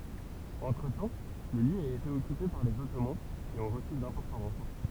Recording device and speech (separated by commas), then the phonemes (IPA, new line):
temple vibration pickup, read sentence
ɑ̃tʁətɑ̃ lə ljø a ete ɔkype paʁ lez ɔtoman ki ɔ̃ ʁəsy dɛ̃pɔʁtɑ̃ ʁɑ̃fɔʁ